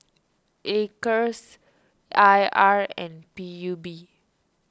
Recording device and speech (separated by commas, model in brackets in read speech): standing microphone (AKG C214), read sentence